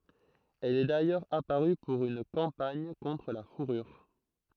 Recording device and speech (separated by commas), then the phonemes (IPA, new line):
throat microphone, read sentence
ɛl ɛ dajœʁz apaʁy puʁ yn kɑ̃paɲ kɔ̃tʁ la fuʁyʁ